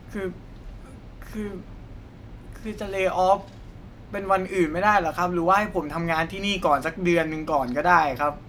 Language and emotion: Thai, sad